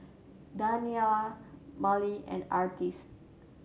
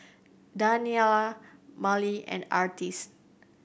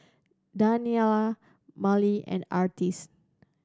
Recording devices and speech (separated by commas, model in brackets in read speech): mobile phone (Samsung C7100), boundary microphone (BM630), standing microphone (AKG C214), read sentence